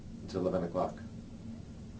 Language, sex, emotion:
English, male, neutral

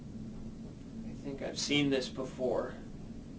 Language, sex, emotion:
English, male, neutral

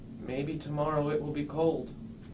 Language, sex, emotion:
English, male, neutral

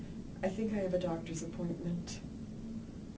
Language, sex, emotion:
English, female, neutral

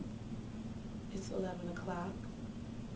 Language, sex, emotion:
English, female, neutral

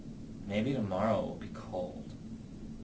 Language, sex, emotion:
English, male, neutral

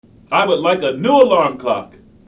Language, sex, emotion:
English, male, angry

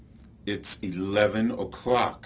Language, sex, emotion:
English, male, angry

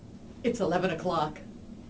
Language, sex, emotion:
English, female, neutral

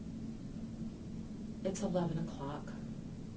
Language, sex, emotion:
English, female, sad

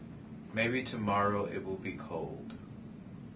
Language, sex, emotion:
English, male, neutral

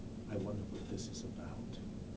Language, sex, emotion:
English, male, neutral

